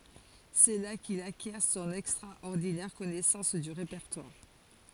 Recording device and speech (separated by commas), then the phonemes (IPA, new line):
forehead accelerometer, read sentence
sɛ la kil akjɛʁ sɔ̃n ɛkstʁaɔʁdinɛʁ kɔnɛsɑ̃s dy ʁepɛʁtwaʁ